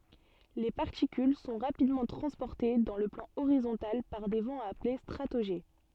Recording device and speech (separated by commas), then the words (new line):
soft in-ear microphone, read sentence
Les particules sont rapidement transportées dans le plan horizontal par des vents appelés stratojets.